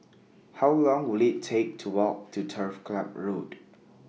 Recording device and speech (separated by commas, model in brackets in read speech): mobile phone (iPhone 6), read sentence